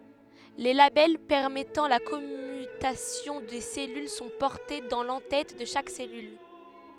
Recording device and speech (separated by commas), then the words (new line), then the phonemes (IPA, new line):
headset microphone, read sentence
Les labels permettant la commutation des cellules sont portés dans l'en-tête de chaque cellule.
le labɛl pɛʁmɛtɑ̃ la kɔmytasjɔ̃ de sɛlyl sɔ̃ pɔʁte dɑ̃ lɑ̃ tɛt də ʃak sɛlyl